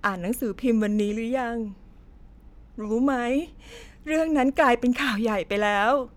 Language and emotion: Thai, sad